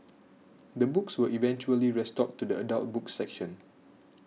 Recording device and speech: mobile phone (iPhone 6), read sentence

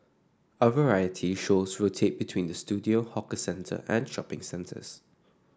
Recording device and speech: standing microphone (AKG C214), read sentence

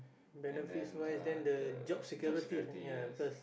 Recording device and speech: boundary microphone, conversation in the same room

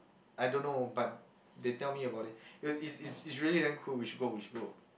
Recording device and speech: boundary microphone, conversation in the same room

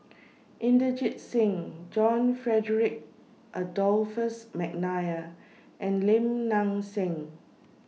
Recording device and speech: mobile phone (iPhone 6), read sentence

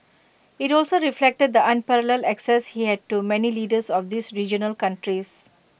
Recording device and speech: boundary microphone (BM630), read sentence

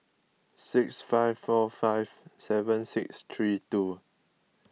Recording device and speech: mobile phone (iPhone 6), read sentence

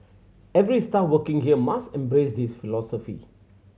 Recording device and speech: mobile phone (Samsung C7100), read sentence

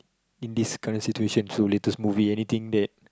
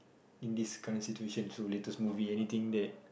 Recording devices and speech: close-talking microphone, boundary microphone, conversation in the same room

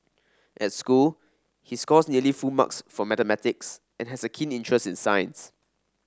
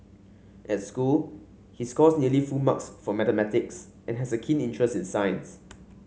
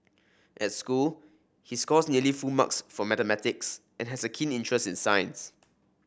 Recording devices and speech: standing microphone (AKG C214), mobile phone (Samsung C5), boundary microphone (BM630), read sentence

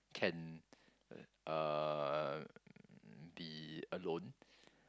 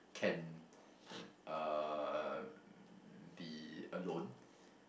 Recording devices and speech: close-talking microphone, boundary microphone, conversation in the same room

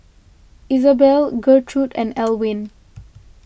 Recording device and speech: boundary microphone (BM630), read sentence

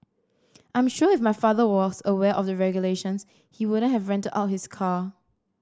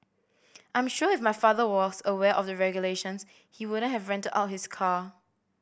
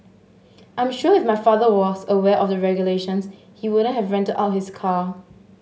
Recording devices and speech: standing microphone (AKG C214), boundary microphone (BM630), mobile phone (Samsung S8), read sentence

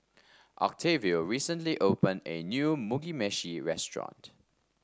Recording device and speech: standing microphone (AKG C214), read sentence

